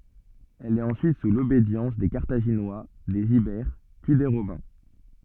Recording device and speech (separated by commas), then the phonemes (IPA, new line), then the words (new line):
soft in-ear microphone, read sentence
ɛl ɛt ɑ̃syit su lobedjɑ̃s de kaʁtaʒinwa dez ibɛʁ pyi de ʁomɛ̃
Elle est ensuite sous l'obédience des Carthaginois, des Ibères, puis des Romains.